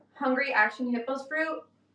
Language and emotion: English, neutral